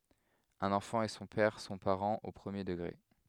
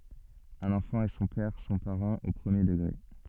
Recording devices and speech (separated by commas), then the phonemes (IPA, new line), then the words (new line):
headset microphone, soft in-ear microphone, read sentence
œ̃n ɑ̃fɑ̃ e sɔ̃ pɛʁ sɔ̃ paʁɑ̃z o pʁəmje dəɡʁe
Un enfant et son père sont parents au premier degré.